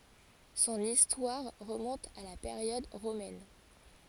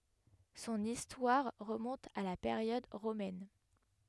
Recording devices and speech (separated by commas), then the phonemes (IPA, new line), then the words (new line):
forehead accelerometer, headset microphone, read sentence
sɔ̃n istwaʁ ʁəmɔ̃t a la peʁjɔd ʁomɛn
Son histoire remonte à la période romaine.